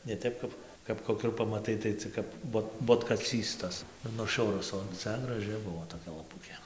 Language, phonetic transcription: Lithuanian, ne ˈtep kap kap koˈkių ir pamaˈtai tai ˈcik kap ˈbot botkaˈcys tas ir nuˈšiurus o ˈcia graˈži ˈbuvo toˈkia laˈpukė

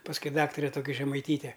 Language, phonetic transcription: Lithuanian, pasˈkui ˈdaktare ˈtoki žemaiˈtyte

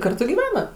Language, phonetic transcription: Lithuanian, ˈkartu gyˈvena

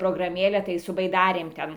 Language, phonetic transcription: Lithuanian, prograˈmėle tai su baiˈdarėm ˈten

